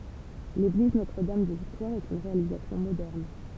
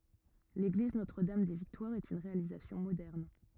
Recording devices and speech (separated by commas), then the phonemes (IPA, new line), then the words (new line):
temple vibration pickup, rigid in-ear microphone, read sentence
leɡliz notʁ dam de viktwaʁz ɛt yn ʁealizasjɔ̃ modɛʁn
L'église Notre-Dame-des-Victoires est une réalisation moderne.